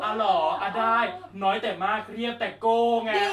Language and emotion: Thai, happy